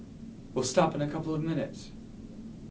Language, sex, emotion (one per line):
English
male
neutral